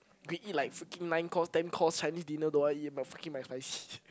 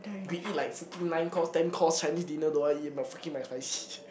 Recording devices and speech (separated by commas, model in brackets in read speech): close-talking microphone, boundary microphone, conversation in the same room